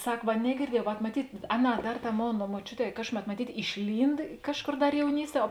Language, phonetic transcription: Lithuanian, ˈsak va negirˈdiejau vat maˈtyt' ˈaˌnā ˈdar ˈtā ˈmona moˈčiuˌtē ˈkažkuˌmet maˈtyt' išˈlynd ˈkažˌkor ˈdar jauˈnysˌtie o

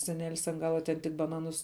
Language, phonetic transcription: Lithuanian, seˈnelis an ˈgala ten tik baˈnanus

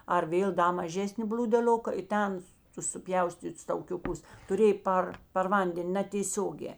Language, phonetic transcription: Lithuanian, ar ˈvėl ˈda maˈžesni bl'ūdeˈlioka i ˈten tus suˈpjaustyts taukiuˈkus tuˈrėj ˈpar par ˈvandenˈ natėˈsiogē

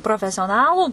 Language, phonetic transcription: Lithuanian, profesioˈnalų

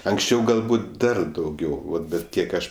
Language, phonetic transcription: Lithuanian, anksˈčiau galˈbūt ˈdar dauˈgiau ˈvat ˈbet ˈkiek ˈaš

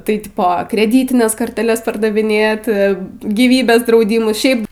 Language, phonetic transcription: Lithuanian, taiˈtipo kreˈdytines korteˈles pardaviˈnėt gyˈvybės drauˈdymus šiaip

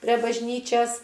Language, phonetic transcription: Lithuanian, pre bažˈnyčias

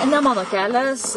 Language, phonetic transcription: Lithuanian, ne ˈmano ˈkelias

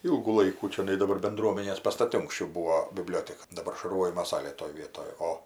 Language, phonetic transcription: Lithuanian, ˈylgų ˈlaikų čioˈnai daˈbar benˈdruomenės pastaˈti unksˈčiau ˈbūo biˈblioteka daˈbar šarˈvojimo ˈsalė toj ˈvietoj ˈo

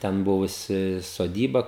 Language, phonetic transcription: Lithuanian, ˈten ˈbuvusi soˈdyba

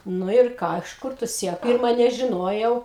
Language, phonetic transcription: Lithuanian, ˈnu ir ˈką iš ˈkur tu ˈsiekl ˈpirma nežiˈnojau

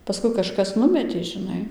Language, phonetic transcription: Lithuanian, paˈskui kaˈžkas ˈnumetė žiˈnai

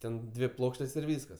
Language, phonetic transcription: Lithuanian, ˈten ˈdvi ˈplokštės ir ˈvyskas

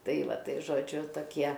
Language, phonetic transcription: Lithuanian, ˈtai ˈva ˈtai žoˈdžiu toˈkie

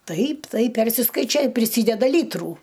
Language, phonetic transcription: Lithuanian, ˈtaip ˈtaip ˈpersiskaičioj i priˈsydeda ˈlytrų

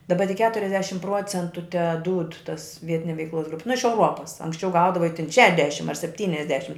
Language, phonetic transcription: Lithuanian, daˈba tik ˈketuriasdešim ˈpruocentu teˈdūd tas ˈvietine veikˈlos ˈgrupi nu iš euˈruopas anksˈčiau ˈgaudavai tin ˈšedešim ar sepˈtyniasdešim

